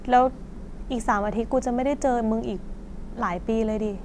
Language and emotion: Thai, frustrated